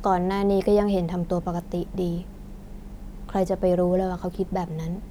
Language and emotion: Thai, neutral